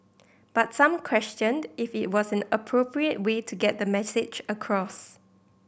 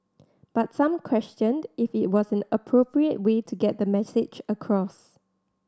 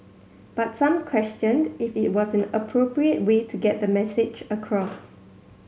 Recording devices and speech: boundary microphone (BM630), standing microphone (AKG C214), mobile phone (Samsung C7100), read sentence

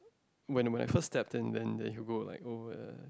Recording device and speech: close-talking microphone, conversation in the same room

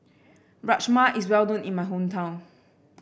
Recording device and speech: boundary microphone (BM630), read sentence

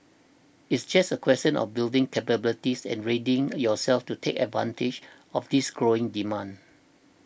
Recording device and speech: boundary microphone (BM630), read sentence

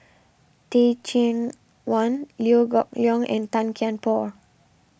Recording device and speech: boundary microphone (BM630), read sentence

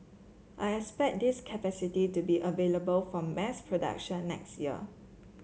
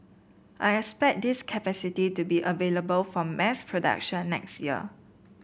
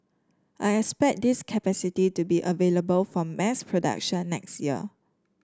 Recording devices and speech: mobile phone (Samsung C7), boundary microphone (BM630), standing microphone (AKG C214), read sentence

